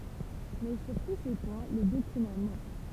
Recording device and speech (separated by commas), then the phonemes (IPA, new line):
temple vibration pickup, read sentence
mɛ syʁ tu se pwɛ̃ le dokymɑ̃ mɑ̃k